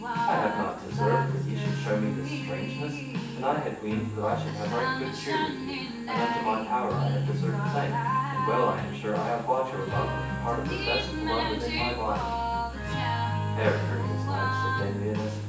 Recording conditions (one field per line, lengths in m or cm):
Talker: one person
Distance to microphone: 9.8 m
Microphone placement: far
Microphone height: 1.8 m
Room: large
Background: music